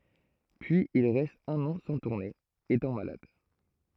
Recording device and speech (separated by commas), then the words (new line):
throat microphone, read sentence
Puis il reste un an sans tourner, étant malade.